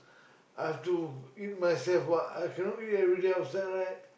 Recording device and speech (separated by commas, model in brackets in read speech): boundary microphone, conversation in the same room